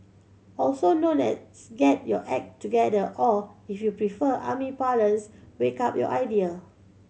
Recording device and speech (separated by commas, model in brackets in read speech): mobile phone (Samsung C7100), read sentence